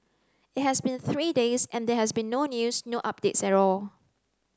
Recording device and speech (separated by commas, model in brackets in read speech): close-talking microphone (WH30), read sentence